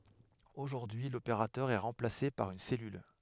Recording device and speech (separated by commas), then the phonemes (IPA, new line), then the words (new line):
headset microphone, read sentence
oʒuʁdyi y lopeʁatœʁ ɛ ʁɑ̃plase paʁ yn sɛlyl
Aujourd'hui, l'opérateur est remplacé par une cellule.